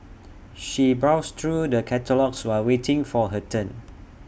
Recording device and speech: boundary microphone (BM630), read sentence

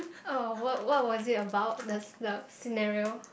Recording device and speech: boundary microphone, conversation in the same room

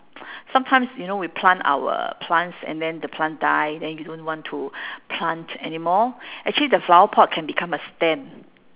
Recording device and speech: telephone, conversation in separate rooms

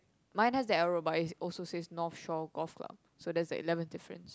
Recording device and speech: close-talking microphone, conversation in the same room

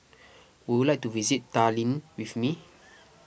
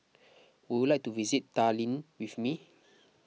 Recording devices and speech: boundary microphone (BM630), mobile phone (iPhone 6), read sentence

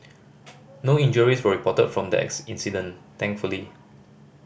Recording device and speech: boundary microphone (BM630), read sentence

